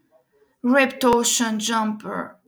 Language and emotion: English, sad